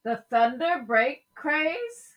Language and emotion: English, surprised